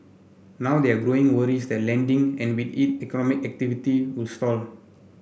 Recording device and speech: boundary microphone (BM630), read sentence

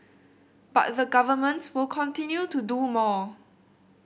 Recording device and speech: boundary microphone (BM630), read sentence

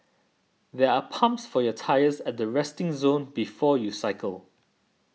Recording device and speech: mobile phone (iPhone 6), read sentence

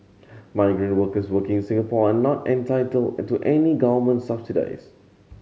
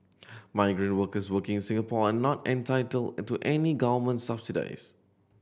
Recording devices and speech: mobile phone (Samsung C7100), boundary microphone (BM630), read sentence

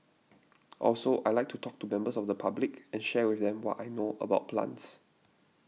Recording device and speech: mobile phone (iPhone 6), read sentence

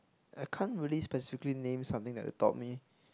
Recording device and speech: close-talking microphone, conversation in the same room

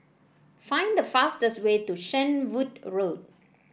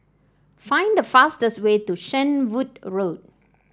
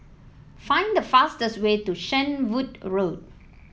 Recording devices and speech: boundary microphone (BM630), standing microphone (AKG C214), mobile phone (iPhone 7), read sentence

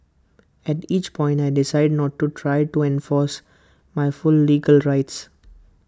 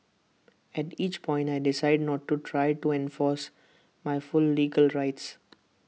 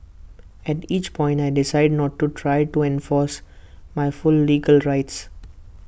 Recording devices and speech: close-talking microphone (WH20), mobile phone (iPhone 6), boundary microphone (BM630), read sentence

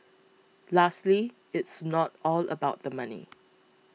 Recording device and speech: mobile phone (iPhone 6), read sentence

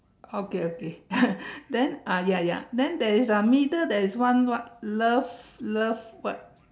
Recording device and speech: standing microphone, conversation in separate rooms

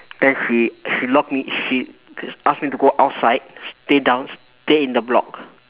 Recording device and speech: telephone, conversation in separate rooms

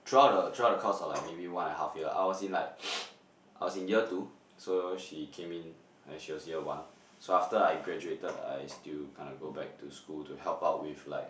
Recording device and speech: boundary microphone, conversation in the same room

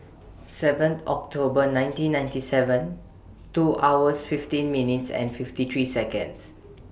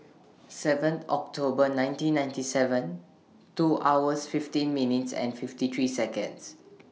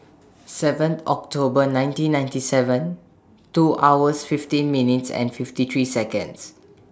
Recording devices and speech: boundary microphone (BM630), mobile phone (iPhone 6), standing microphone (AKG C214), read sentence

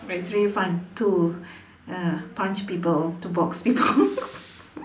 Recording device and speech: standing microphone, conversation in separate rooms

